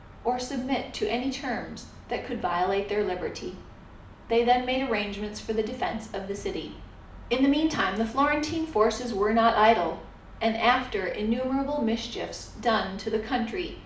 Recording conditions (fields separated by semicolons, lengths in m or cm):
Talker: one person; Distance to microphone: 2.0 m; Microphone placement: close; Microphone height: 99 cm; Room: medium-sized (5.7 m by 4.0 m); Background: none